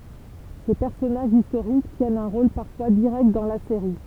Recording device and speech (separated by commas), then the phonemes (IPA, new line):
temple vibration pickup, read sentence
se pɛʁsɔnaʒz istoʁik tjɛnt œ̃ ʁol paʁfwa diʁɛkt dɑ̃ la seʁi